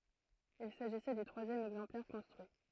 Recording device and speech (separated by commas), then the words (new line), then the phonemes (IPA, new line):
throat microphone, read sentence
Il s'agissait du troisième exemplaire construit.
il saʒisɛ dy tʁwazjɛm ɛɡzɑ̃plɛʁ kɔ̃stʁyi